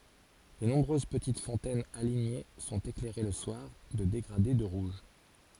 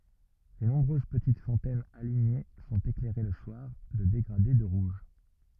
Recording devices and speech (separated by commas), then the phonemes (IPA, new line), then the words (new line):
forehead accelerometer, rigid in-ear microphone, read sentence
le nɔ̃bʁøz pətit fɔ̃tɛnz aliɲe sɔ̃t eklɛʁe lə swaʁ də deɡʁade də ʁuʒ
Les nombreuses petites fontaines alignées sont éclairées le soir de dégradés de rouge.